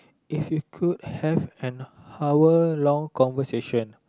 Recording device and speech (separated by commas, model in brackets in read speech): close-talking microphone, conversation in the same room